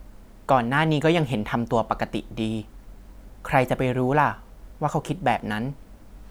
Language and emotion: Thai, neutral